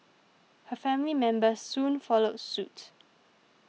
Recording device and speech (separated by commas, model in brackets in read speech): mobile phone (iPhone 6), read sentence